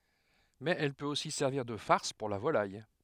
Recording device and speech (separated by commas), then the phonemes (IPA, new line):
headset microphone, read sentence
mɛz ɛl pøt osi sɛʁviʁ də faʁs puʁ la volaj